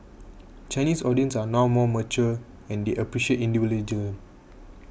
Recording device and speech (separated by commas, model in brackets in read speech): boundary microphone (BM630), read sentence